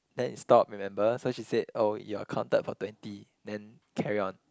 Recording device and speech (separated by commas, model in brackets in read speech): close-talking microphone, conversation in the same room